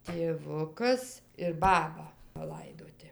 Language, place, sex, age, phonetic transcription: Lithuanian, Dzūkija, female, 60+, tėˈvukas ir ˈbaba paˈlaidoti

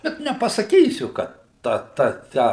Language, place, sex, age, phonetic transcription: Lithuanian, Suvalkija, male, 60+, ˈbet nepasaˈkysiu ka ˈta ˈta ˈtę

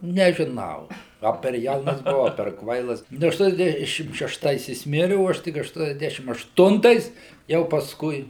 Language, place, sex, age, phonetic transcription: Lithuanian, Suvalkija, male, 60+, nežiˈnau ˈa per ˈjaunas buˈau a per ˈkvailas ˈnu ašˈtuoniasˌdešim šešˈtais jis ˈmiri o ˈaš tik ašˌtuoniasˈdešim ašˈtuntais jau pasˈkui

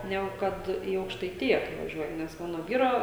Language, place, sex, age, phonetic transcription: Lithuanian, Žemaitija, female, 18-60, ˈnegu ˈkad i aukštaiˈtija kai vaˈžiuoji nes ˈmano ˈvyro

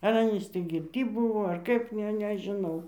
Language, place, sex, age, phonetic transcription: Lithuanian, Dzūkija, female, 60+, ar ˈanys tį girˈty ˈbūvo ar ˈkaip ˈne nežiˈnau

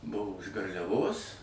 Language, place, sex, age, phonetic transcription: Lithuanian, Suvalkija, male, 60+, ˈbuvo iš garliaˈvos

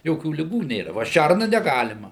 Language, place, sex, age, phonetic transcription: Lithuanian, Suvalkija, male, 60+, ˈjokių liˈgų ˈnėra ˈva ˈšærna neˈgalima

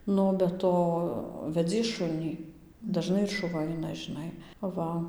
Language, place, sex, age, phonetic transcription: Lithuanian, Dzūkija, female, 18-60, ˈnu o be ˈto veˈdzies ˈšunį daˈžnai ir šuˈva ˈaina žiˈnai ˈva

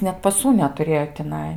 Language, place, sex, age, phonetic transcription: Lithuanian, Aukštaitija, female, 18-60, net paˈsų netuˈrėjo tiˈnai

